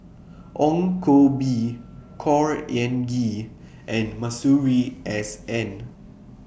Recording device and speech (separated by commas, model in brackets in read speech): boundary microphone (BM630), read sentence